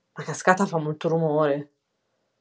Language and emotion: Italian, fearful